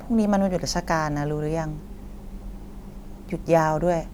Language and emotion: Thai, neutral